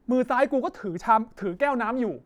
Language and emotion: Thai, angry